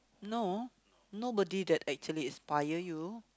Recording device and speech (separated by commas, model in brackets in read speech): close-talking microphone, conversation in the same room